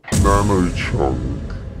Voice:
deep voice